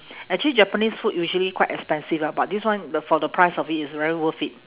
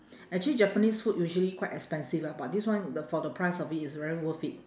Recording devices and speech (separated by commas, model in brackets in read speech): telephone, standing microphone, conversation in separate rooms